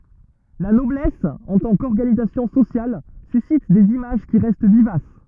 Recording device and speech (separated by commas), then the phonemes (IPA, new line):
rigid in-ear microphone, read sentence
la nɔblɛs ɑ̃ tɑ̃ kɔʁɡanizasjɔ̃ sosjal sysit dez imaʒ ki ʁɛst vivas